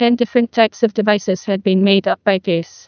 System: TTS, neural waveform model